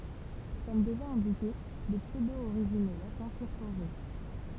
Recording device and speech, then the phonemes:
temple vibration pickup, read sentence
kɔm deʒa ɛ̃dike də psødooʁiʒino latɛ̃ fyʁ fɔʁʒe

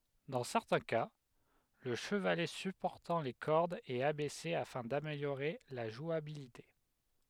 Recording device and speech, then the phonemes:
headset microphone, read sentence
dɑ̃ sɛʁtɛ̃ ka lə ʃəvalɛ sypɔʁtɑ̃ le kɔʁdz ɛt abɛse afɛ̃ dameljoʁe la ʒwabilite

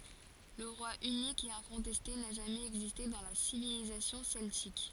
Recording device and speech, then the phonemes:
forehead accelerometer, read sentence
lə ʁwa ynik e ɛ̃kɔ̃tɛste na ʒamɛz ɛɡziste dɑ̃ la sivilizasjɔ̃ sɛltik

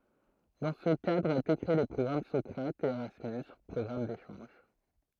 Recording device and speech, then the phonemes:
throat microphone, read sentence
dɑ̃ sə kadʁ ɔ̃t ete kʁee le pʁɔɡʁam sɔkʁatz e eʁasmys pʁɔɡʁam deʃɑ̃ʒ

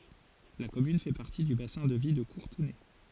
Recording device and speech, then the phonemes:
forehead accelerometer, read sentence
la kɔmyn fɛ paʁti dy basɛ̃ də vi də kuʁtənɛ

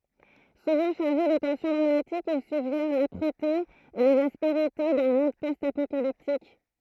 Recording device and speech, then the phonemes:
throat microphone, read sentence
suvɑ̃ ʃaʁʒe də tɑ̃sjɔ̃ dʁamatik il syɡʒɛʁ lapʁəte e lez aspeʁite dœ̃ mɔ̃d pɔst apokaliptik

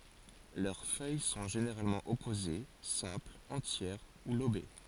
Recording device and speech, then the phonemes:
forehead accelerometer, read sentence
lœʁ fœj sɔ̃ ʒeneʁalmɑ̃ ɔpoze sɛ̃plz ɑ̃tjɛʁ u lobe

